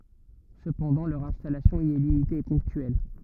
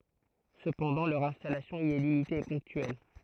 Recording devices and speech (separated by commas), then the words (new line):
rigid in-ear microphone, throat microphone, read sentence
Cependant, leur installation y est limitée et ponctuelle.